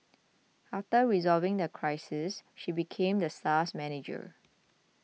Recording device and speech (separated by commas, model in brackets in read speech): mobile phone (iPhone 6), read sentence